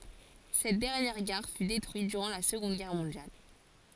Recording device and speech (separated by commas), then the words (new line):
forehead accelerometer, read sentence
Cette dernière gare fut détruite durant la Seconde Guerre mondiale.